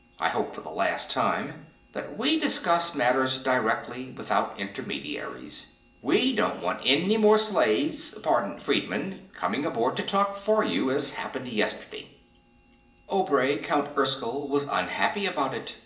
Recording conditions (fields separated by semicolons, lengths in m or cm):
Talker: one person; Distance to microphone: 1.8 m; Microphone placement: close; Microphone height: 1.0 m; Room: large; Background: none